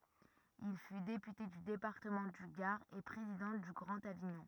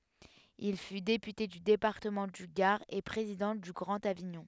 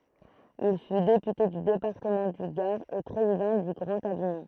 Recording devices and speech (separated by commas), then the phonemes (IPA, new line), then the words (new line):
rigid in-ear microphone, headset microphone, throat microphone, read sentence
il fy depyte dy depaʁtəmɑ̃ dy ɡaʁ e pʁezidɑ̃ dy ɡʁɑ̃t aviɲɔ̃
Il fût député du département du Gard et président du Grand Avignon.